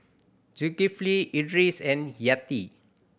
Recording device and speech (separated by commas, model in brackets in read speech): boundary microphone (BM630), read sentence